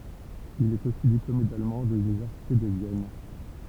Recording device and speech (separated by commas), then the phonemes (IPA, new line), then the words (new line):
temple vibration pickup, read sentence
il ɛt osi diplome dalmɑ̃ də lynivɛʁsite də vjɛn
Il est aussi diplômé d'allemand de l'université de Vienne.